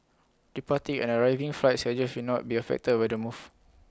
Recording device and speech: close-talking microphone (WH20), read sentence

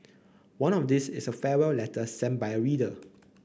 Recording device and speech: boundary microphone (BM630), read sentence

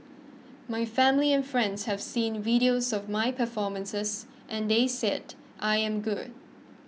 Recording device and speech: mobile phone (iPhone 6), read sentence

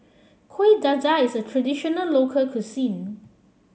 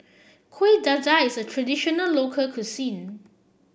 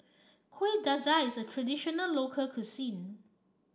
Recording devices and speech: mobile phone (Samsung C7), boundary microphone (BM630), standing microphone (AKG C214), read sentence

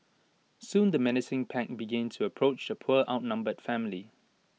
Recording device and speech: mobile phone (iPhone 6), read sentence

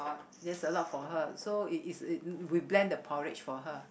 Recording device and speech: boundary microphone, conversation in the same room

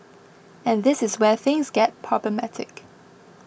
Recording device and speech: boundary microphone (BM630), read sentence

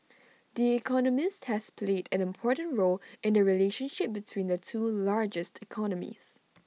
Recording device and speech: mobile phone (iPhone 6), read sentence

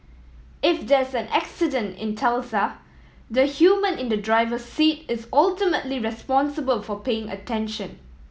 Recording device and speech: mobile phone (iPhone 7), read sentence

